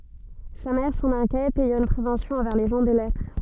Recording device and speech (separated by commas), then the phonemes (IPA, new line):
soft in-ear microphone, read sentence
sa mɛʁ sɑ̃n ɛ̃kjɛt ɛjɑ̃ yn pʁevɑ̃sjɔ̃ ɑ̃vɛʁ le ʒɑ̃ də lɛtʁ